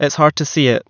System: none